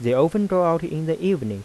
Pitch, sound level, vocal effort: 165 Hz, 88 dB SPL, soft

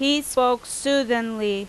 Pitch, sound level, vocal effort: 245 Hz, 91 dB SPL, very loud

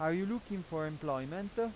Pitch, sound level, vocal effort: 180 Hz, 93 dB SPL, loud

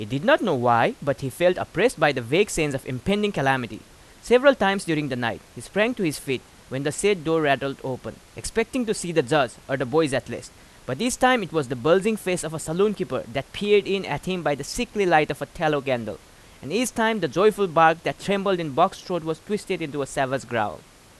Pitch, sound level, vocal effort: 160 Hz, 91 dB SPL, very loud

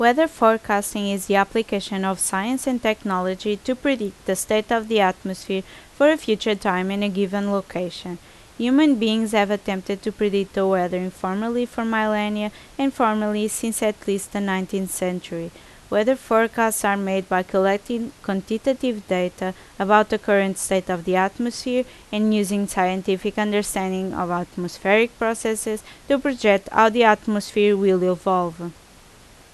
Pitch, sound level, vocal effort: 205 Hz, 83 dB SPL, loud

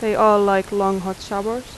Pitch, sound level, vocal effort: 200 Hz, 85 dB SPL, normal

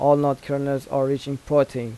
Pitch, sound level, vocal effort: 140 Hz, 85 dB SPL, normal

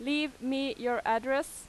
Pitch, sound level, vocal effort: 265 Hz, 91 dB SPL, very loud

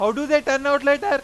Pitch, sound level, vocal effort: 280 Hz, 104 dB SPL, very loud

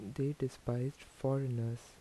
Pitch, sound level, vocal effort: 130 Hz, 76 dB SPL, soft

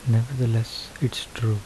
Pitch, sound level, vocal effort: 115 Hz, 73 dB SPL, soft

